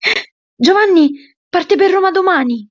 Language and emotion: Italian, surprised